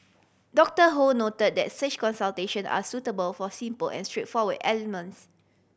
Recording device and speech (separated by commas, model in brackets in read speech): boundary microphone (BM630), read sentence